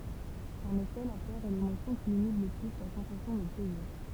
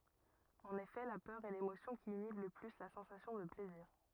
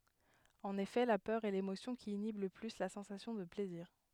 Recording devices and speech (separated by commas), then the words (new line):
temple vibration pickup, rigid in-ear microphone, headset microphone, read sentence
En effet la peur est l'émotion qui inhibe le plus la sensation de plaisir.